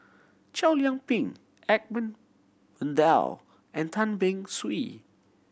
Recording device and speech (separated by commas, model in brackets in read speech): boundary microphone (BM630), read sentence